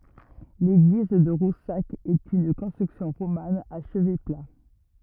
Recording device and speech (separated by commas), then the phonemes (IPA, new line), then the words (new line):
rigid in-ear microphone, read sentence
leɡliz də ʁusak ɛt yn kɔ̃stʁyksjɔ̃ ʁoman a ʃəvɛ pla
L'église de Roussac est une construction romane à chevet plat.